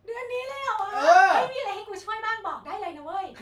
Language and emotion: Thai, happy